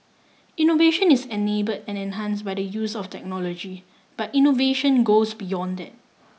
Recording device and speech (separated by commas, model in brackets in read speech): mobile phone (iPhone 6), read sentence